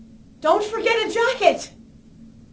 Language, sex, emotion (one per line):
English
female
fearful